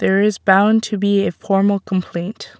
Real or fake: real